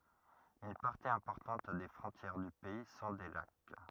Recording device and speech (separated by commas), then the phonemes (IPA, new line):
rigid in-ear microphone, read sentence
yn paʁti ɛ̃pɔʁtɑ̃t de fʁɔ̃tjɛʁ dy pɛi sɔ̃ de lak